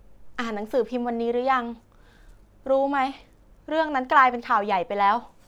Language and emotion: Thai, frustrated